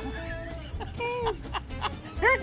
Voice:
In Small Voice